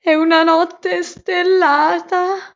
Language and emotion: Italian, fearful